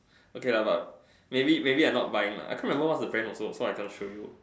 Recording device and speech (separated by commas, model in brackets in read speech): standing microphone, conversation in separate rooms